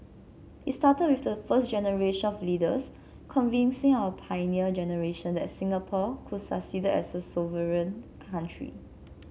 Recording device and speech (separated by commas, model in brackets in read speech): mobile phone (Samsung C7), read sentence